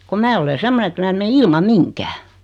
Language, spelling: Finnish, kun minä olen semmoinen että minä en mene ilman mihinkään
- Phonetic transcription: kom 'mää ole 'semmone ᵉt 'mää ᵉm me 'ilmaᵐ "miŋkää .

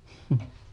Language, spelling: Finnish, mm
- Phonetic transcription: hʸm .

